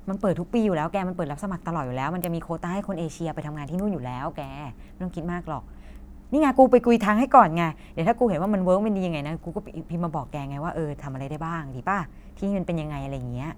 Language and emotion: Thai, happy